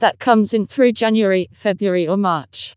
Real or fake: fake